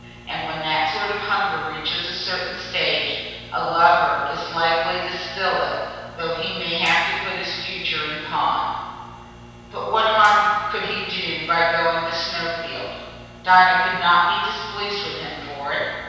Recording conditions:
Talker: one person; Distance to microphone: 7.1 m; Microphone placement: far; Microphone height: 1.7 m; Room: very reverberant, large; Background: none

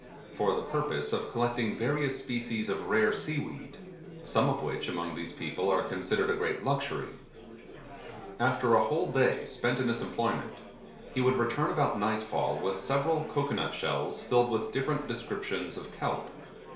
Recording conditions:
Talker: one person; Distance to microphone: 1.0 m; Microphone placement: close; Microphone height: 1.1 m; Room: small (3.7 m by 2.7 m); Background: babble

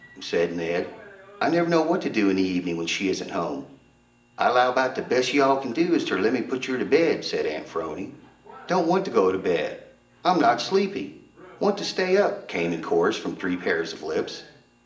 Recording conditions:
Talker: one person; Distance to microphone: 1.8 m; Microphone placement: close; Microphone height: 1.0 m; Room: large; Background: television

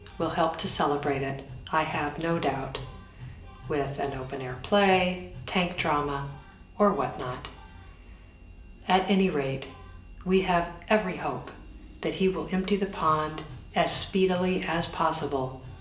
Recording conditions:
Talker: one person; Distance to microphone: 1.8 m; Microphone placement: close; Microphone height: 1.0 m; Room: large; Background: music

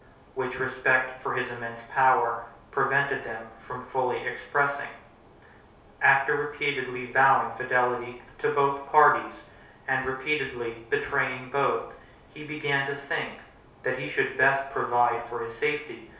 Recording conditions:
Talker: one person; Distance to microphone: 3.0 m; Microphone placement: far; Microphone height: 1.8 m; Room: small (3.7 m by 2.7 m); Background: none

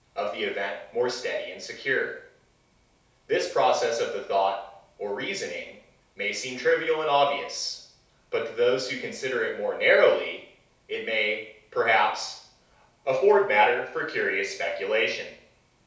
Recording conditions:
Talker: one person; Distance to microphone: 3.0 m; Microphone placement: far; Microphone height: 1.8 m; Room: small (3.7 m by 2.7 m); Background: none

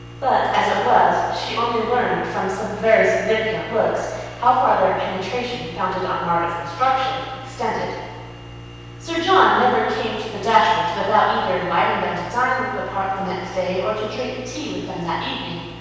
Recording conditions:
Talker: one person; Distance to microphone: 7.1 m; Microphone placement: far; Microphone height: 1.7 m; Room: very reverberant, large; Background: none

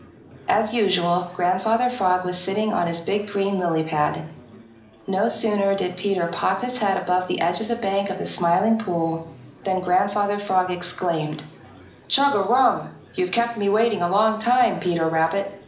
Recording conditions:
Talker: one person; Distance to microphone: 2.0 m; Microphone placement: close; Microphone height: 99 cm; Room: medium-sized (5.7 m by 4.0 m); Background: babble

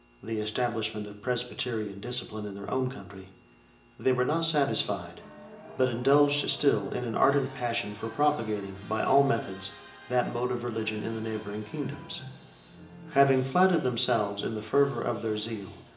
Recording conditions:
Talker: one person; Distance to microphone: 1.8 m; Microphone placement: close; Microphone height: 1.0 m; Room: large; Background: television

